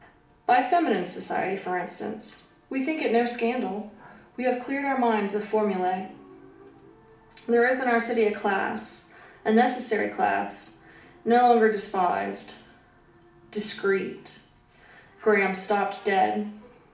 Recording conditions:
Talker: one person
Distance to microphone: 2.0 m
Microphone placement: close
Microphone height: 99 cm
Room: medium-sized (5.7 m by 4.0 m)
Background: television

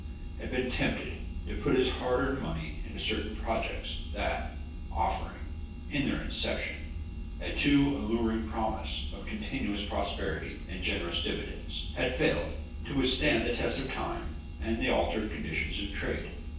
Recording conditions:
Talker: one person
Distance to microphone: 9.8 m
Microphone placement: far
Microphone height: 1.8 m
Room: large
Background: none

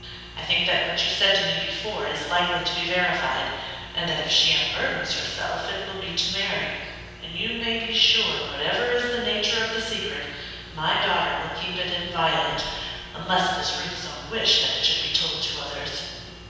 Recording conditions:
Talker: one person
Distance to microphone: 7.1 m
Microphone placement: far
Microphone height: 1.7 m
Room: very reverberant, large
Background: none

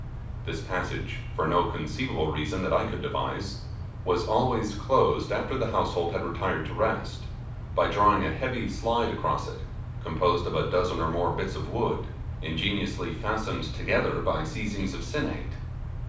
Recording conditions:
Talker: one person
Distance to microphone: 5.8 m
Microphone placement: far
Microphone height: 1.8 m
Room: medium-sized (5.7 m by 4.0 m)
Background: none

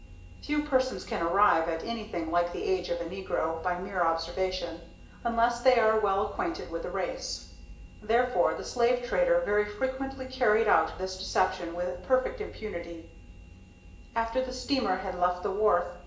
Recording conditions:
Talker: one person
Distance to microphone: 1.8 m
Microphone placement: close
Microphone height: 1.0 m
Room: large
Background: none

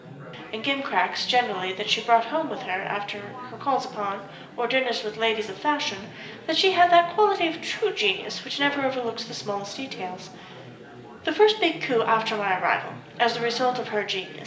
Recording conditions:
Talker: one person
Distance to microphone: 1.8 m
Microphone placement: close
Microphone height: 1.0 m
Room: large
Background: babble

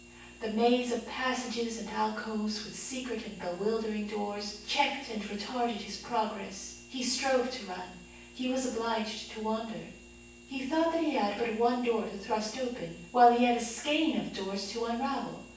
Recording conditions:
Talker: one person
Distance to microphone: 9.8 m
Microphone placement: far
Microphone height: 1.8 m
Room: large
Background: none

